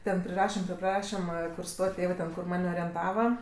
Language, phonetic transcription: Lithuanian, ten priˈrašem tep ˈprašimɜ kur ˈstot' ˈtėvɜ ten kur ˈman' orienˈtava

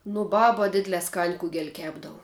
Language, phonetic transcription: Lithuanian, nu ˈbaba ˈdidlē skan' ˈkugel' ˈkepdavu

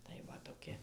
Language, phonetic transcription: Lithuanian, tai va toˈki

